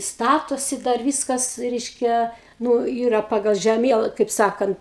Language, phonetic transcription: Lithuanian, ˈstatosi dar ˈvyskas ˈreiškia ˈnu ˈyra ˈpagal žeˈmiela kaip ˈsakant

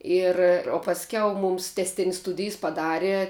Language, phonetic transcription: Lithuanian, ˈir o pasˈkiau ˈmums tesˈtin's' ˈstudijs paˈdare

